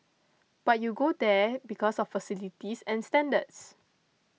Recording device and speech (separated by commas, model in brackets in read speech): mobile phone (iPhone 6), read sentence